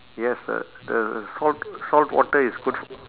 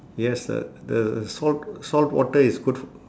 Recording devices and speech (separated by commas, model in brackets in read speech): telephone, standing microphone, conversation in separate rooms